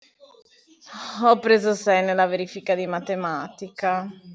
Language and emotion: Italian, disgusted